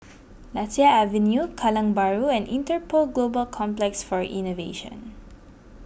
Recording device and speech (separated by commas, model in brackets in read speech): boundary microphone (BM630), read sentence